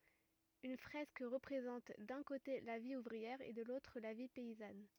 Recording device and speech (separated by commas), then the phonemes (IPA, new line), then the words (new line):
rigid in-ear microphone, read sentence
yn fʁɛsk ʁəpʁezɑ̃t dœ̃ kote la vi uvʁiɛʁ e də lotʁ la vi pɛizan
Une fresque représente d'un côté la vie ouvrière et de l'autre la vie paysanne.